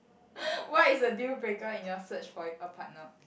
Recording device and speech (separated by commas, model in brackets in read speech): boundary microphone, conversation in the same room